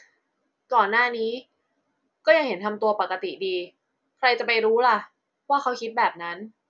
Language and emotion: Thai, frustrated